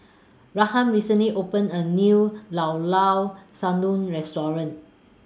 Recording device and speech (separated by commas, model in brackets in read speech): standing microphone (AKG C214), read sentence